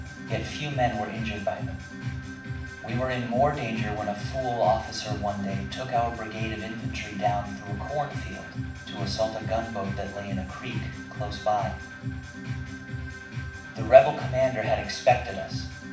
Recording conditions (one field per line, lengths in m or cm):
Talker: one person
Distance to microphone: 5.8 m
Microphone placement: far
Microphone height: 1.8 m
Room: medium-sized (5.7 m by 4.0 m)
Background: music